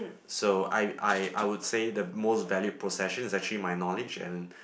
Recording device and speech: boundary microphone, conversation in the same room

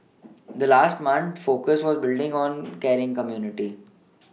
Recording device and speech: mobile phone (iPhone 6), read sentence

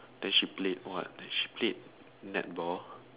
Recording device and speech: telephone, conversation in separate rooms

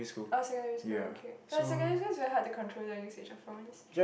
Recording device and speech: boundary microphone, conversation in the same room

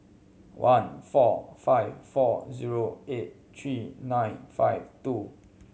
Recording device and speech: mobile phone (Samsung C7100), read sentence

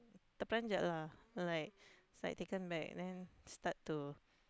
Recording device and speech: close-talking microphone, conversation in the same room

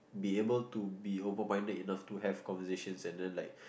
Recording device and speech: boundary microphone, conversation in the same room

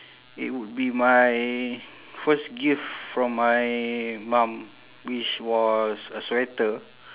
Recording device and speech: telephone, conversation in separate rooms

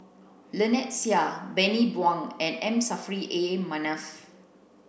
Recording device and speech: boundary microphone (BM630), read sentence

